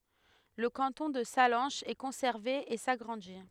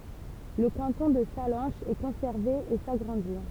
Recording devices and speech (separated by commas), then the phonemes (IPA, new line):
headset microphone, temple vibration pickup, read sentence
lə kɑ̃tɔ̃ də salɑ̃ʃz ɛ kɔ̃sɛʁve e saɡʁɑ̃di